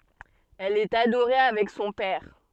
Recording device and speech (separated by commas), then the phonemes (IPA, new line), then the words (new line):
soft in-ear microphone, read sentence
ɛl ɛt adoʁe avɛk sɔ̃ pɛʁ
Elle est adorée avec son père.